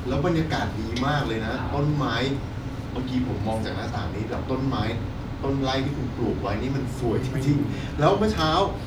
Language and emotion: Thai, happy